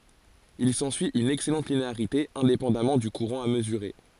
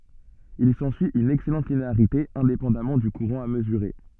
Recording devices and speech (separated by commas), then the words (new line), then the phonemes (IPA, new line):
forehead accelerometer, soft in-ear microphone, read sentence
Il s'ensuit une excellente linéarité, indépendamment du courant à mesurer.
il sɑ̃syi yn ɛksɛlɑ̃t lineaʁite ɛ̃depɑ̃damɑ̃ dy kuʁɑ̃ a məzyʁe